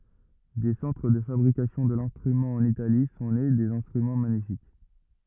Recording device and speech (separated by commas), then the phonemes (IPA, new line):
rigid in-ear microphone, read sentence
de sɑ̃tʁ də fabʁikasjɔ̃ də lɛ̃stʁymɑ̃ ɑ̃n itali sɔ̃ ne dez ɛ̃stʁymɑ̃ maɲifik